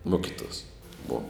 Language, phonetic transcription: Lithuanian, ˈmokituos bov

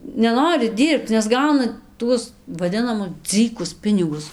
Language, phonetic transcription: Lithuanian, neˈnori ˈdyrbc nes ˈgauna ˈtuos vaˈdinamus ˈdzɨkus ˈpinigus

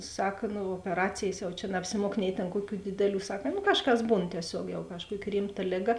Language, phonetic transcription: Lithuanian, ˈsak ˈnu opeˈracėjs jau čia naapsiˈmuok nei tėn ˈkuoˌkių ˈdideˌlių ˈsak nu ˈkažˌkas ˈbūn tieˈsiog jau kažˈkuoki ˈrimˌta ˈlėˌga

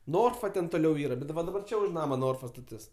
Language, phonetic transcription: Lithuanian, ˈnorfa ten toˈliau ˈyra ˈbet da va daˈbar ˈčia už ˈnama ˈnorfa staˈtis

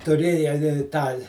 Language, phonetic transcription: Lithuanian, tuˈrėja i ˈtą

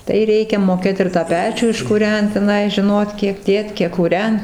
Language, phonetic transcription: Lithuanian, tai ˈreikia moˈkėt ir tą ˈpečių iškuˈrent teˈnai žiˈnot ˈkiek ˈdėt ˈkiek kūˈrent

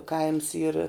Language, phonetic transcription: Lithuanian, ˈkaims yr

